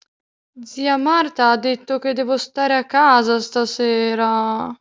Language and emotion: Italian, sad